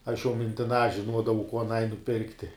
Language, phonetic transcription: Lithuanian, aš jau mintiˈnā žinˈuodavau kuo aˈnai nuˈpirkti

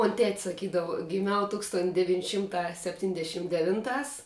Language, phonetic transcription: Lithuanian, mon' tet' saˈkydava giˈmiau ˈtūkston deˈvyn' ˈšimˌtā sepˈtyndešim deˈvinˌtās

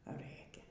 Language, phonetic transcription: Lithuanian, ˈrɘkia

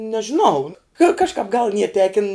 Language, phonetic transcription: Lithuanian, nežiˈnau ka kažˈkāp gal nie ˈtekin

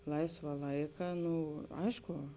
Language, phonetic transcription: Lithuanian, ˈlaisva ˈlaika ˈnu ˈaišku

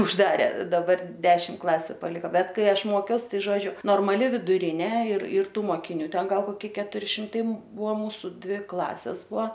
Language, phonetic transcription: Lithuanian, užˈdarė daˈbar ˈdešim ˈklasiu paˈliko ˈbet ˈkai ˈaš ˈmokiaus ˈtai ˈžodžiu normaˈli viduˈrinė ir ir ˈtų mokiˈnių ˈten ˈgal koˈki ketuˈri šimˈtai ˈbuvo ˈmūsu ˈdvi ˈklasės ˈbua

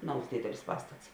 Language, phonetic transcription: Lithuanian, ˈnaus ˈdėdelis ˈpastats

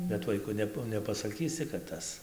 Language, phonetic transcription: Lithuanian, bet ˈvaiku ˈnep nepasaˈkysi kad ˈtas

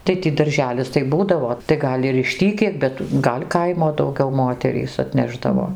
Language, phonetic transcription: Lithuanian, tai ˈtį darˈželis tai ˈbūdavo tai ˈgal' ir iš ˈtį 'kiek bet ˈgal' ˈkaimo dauˈgiau ˈmoterys atˈnešdavo

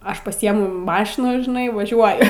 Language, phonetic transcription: Lithuanian, ˈaš paˈsiemu ˈmašiną žiˈnai vaˈžiuoju

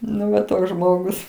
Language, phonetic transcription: Lithuanian, ˈnu va ˈtoks ˈžmogus

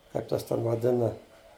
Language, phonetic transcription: Lithuanian, kaip ˈtas ˈten vaˈdina

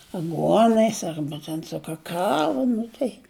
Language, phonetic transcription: Lithuanian, aˈguonais ˈarba ten su ˈkakava ˈnu tai

